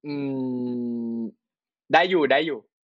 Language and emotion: Thai, frustrated